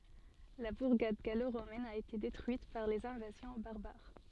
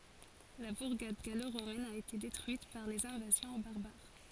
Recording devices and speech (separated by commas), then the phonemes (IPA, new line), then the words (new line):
soft in-ear microphone, forehead accelerometer, read sentence
la buʁɡad ɡaloʁomɛn a ete detʁyit paʁ lez ɛ̃vazjɔ̃ baʁbaʁ
La bourgade gallo-romaine a été détruite par les invasions barbares.